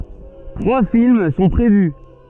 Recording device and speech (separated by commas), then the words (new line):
soft in-ear microphone, read sentence
Trois films sont prévus.